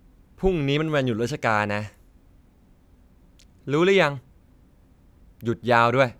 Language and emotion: Thai, neutral